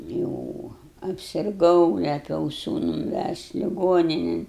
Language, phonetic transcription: Lithuanian, ˈjou apsirˈgau leˈpiau ˈsūnun ˈvæžt' liˈgoninėn

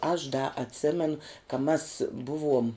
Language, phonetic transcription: Lithuanian, aš da atˈsėmenu ka mas ˈbuˌvuom

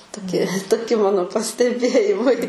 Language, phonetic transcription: Lithuanian, toˈki toˈki ˈmano pasteˈbėjimai

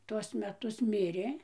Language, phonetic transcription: Lithuanian, ˈtuos meˈtus ˈmirė

